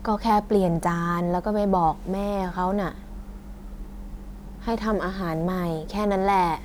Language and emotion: Thai, frustrated